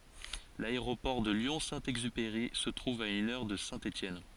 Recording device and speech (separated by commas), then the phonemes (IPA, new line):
forehead accelerometer, read sentence
laeʁopɔʁ də ljɔ̃ sɛ̃ ɛɡzypeʁi sə tʁuv a yn œʁ də sɛ̃ etjɛn